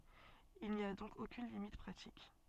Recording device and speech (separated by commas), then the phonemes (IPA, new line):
soft in-ear microphone, read sentence
il ni a dɔ̃k okyn limit pʁatik